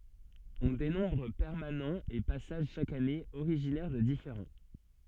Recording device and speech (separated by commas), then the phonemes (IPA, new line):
soft in-ear microphone, read sentence
ɔ̃ denɔ̃bʁ pɛʁmanɑ̃z e pasaʒ ʃak ane oʁiʒinɛʁ də difeʁɑ̃